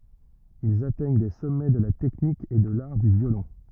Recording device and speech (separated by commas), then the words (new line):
rigid in-ear microphone, read sentence
Ils atteignent des sommets de la technique et de l'art du violon.